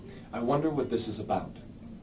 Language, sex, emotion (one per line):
English
male
neutral